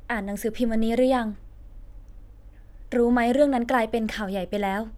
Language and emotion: Thai, neutral